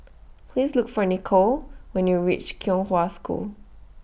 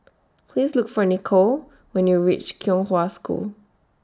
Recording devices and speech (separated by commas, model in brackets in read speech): boundary microphone (BM630), standing microphone (AKG C214), read sentence